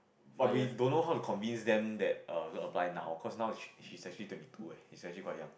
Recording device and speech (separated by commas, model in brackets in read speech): boundary microphone, conversation in the same room